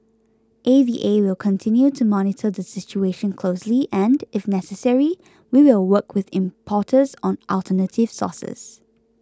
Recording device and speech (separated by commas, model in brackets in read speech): close-talking microphone (WH20), read sentence